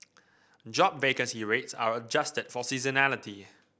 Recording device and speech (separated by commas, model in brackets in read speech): boundary microphone (BM630), read sentence